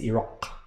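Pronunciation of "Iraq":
'Iraq' ends in a uvular stop, not a velar stop.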